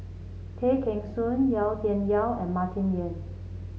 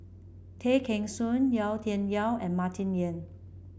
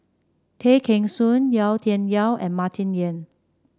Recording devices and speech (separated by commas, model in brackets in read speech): mobile phone (Samsung C7), boundary microphone (BM630), standing microphone (AKG C214), read sentence